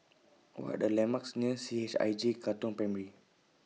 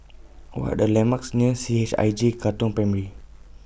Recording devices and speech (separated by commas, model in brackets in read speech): mobile phone (iPhone 6), boundary microphone (BM630), read sentence